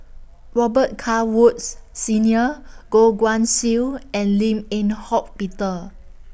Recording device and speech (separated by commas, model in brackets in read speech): boundary microphone (BM630), read sentence